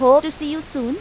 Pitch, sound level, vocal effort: 295 Hz, 92 dB SPL, loud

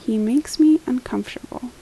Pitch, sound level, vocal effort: 275 Hz, 78 dB SPL, soft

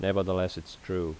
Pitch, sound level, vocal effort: 90 Hz, 81 dB SPL, normal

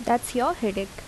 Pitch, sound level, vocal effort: 235 Hz, 77 dB SPL, normal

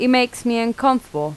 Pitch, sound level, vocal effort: 240 Hz, 86 dB SPL, normal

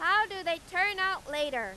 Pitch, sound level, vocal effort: 355 Hz, 104 dB SPL, very loud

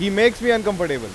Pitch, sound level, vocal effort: 210 Hz, 98 dB SPL, very loud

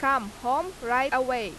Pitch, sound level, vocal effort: 255 Hz, 93 dB SPL, very loud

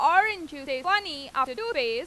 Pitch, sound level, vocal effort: 380 Hz, 97 dB SPL, very loud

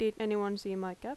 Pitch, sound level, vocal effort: 205 Hz, 92 dB SPL, loud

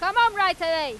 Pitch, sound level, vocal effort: 370 Hz, 107 dB SPL, very loud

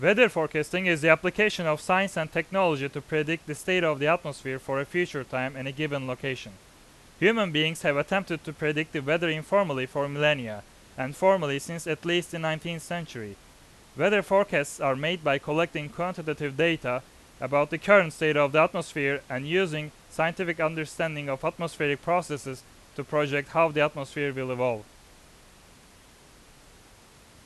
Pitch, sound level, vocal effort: 155 Hz, 95 dB SPL, very loud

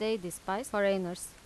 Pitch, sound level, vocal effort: 195 Hz, 86 dB SPL, normal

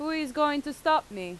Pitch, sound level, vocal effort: 295 Hz, 91 dB SPL, loud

